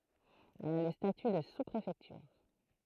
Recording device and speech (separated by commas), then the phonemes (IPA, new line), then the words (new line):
throat microphone, read sentence
ɛl a lə staty də suspʁefɛktyʁ
Elle a le statut de sous-préfecture.